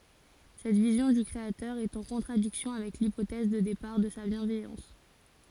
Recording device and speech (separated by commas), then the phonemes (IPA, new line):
forehead accelerometer, read sentence
sɛt vizjɔ̃ dy kʁeatœʁ ɛt ɑ̃ kɔ̃tʁadiksjɔ̃ avɛk lipotɛz də depaʁ də sa bjɛ̃vɛjɑ̃s